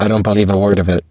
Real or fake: fake